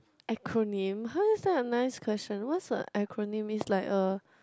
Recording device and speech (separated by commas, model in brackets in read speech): close-talking microphone, conversation in the same room